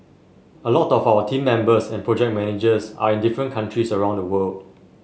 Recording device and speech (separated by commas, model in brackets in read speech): mobile phone (Samsung S8), read sentence